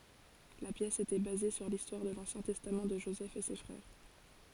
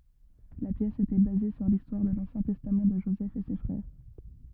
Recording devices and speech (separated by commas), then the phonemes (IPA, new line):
forehead accelerometer, rigid in-ear microphone, read sentence
la pjɛs etɛ baze syʁ listwaʁ də lɑ̃sjɛ̃ tɛstam də ʒozɛf e se fʁɛʁ